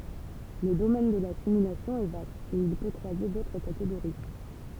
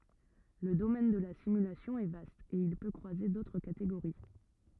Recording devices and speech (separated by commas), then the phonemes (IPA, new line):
temple vibration pickup, rigid in-ear microphone, read sentence
lə domɛn də la simylasjɔ̃ ɛ vast e il pø kʁwaze dotʁ kateɡoʁi